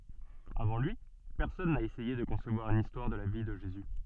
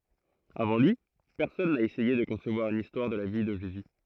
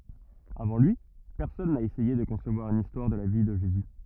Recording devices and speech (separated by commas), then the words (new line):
soft in-ear microphone, throat microphone, rigid in-ear microphone, read sentence
Avant lui, personne n'a essayé de concevoir une histoire de la vie de Jésus.